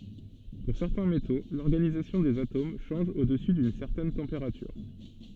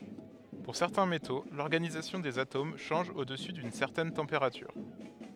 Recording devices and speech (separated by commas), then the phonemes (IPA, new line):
soft in-ear microphone, headset microphone, read sentence
puʁ sɛʁtɛ̃ meto lɔʁɡanizasjɔ̃ dez atom ʃɑ̃ʒ o dəsy dyn sɛʁtɛn tɑ̃peʁatyʁ